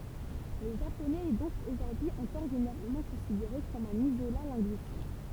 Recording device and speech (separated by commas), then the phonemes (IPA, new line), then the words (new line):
temple vibration pickup, read sentence
lə ʒaponɛz ɛ dɔ̃k oʒuʁdyi ɑ̃kɔʁ ʒeneʁalmɑ̃ kɔ̃sideʁe kɔm œ̃n izola lɛ̃ɡyistik
Le japonais est donc aujourd'hui encore généralement considéré comme un isolat linguistique.